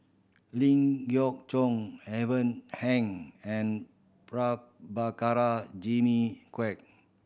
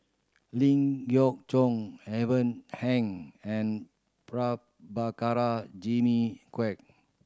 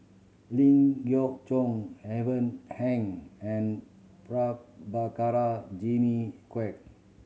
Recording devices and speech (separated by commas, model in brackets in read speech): boundary microphone (BM630), standing microphone (AKG C214), mobile phone (Samsung C7100), read sentence